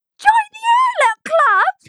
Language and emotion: English, surprised